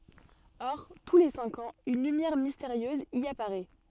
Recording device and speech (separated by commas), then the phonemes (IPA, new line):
soft in-ear microphone, read sentence
ɔʁ tu le sɛ̃k ɑ̃z yn lymjɛʁ misteʁjøz i apaʁɛ